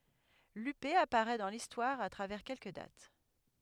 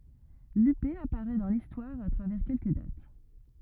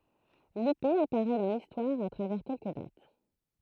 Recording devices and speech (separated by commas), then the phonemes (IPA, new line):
headset microphone, rigid in-ear microphone, throat microphone, read sentence
lype apaʁɛ dɑ̃ listwaʁ a tʁavɛʁ kɛlkə dat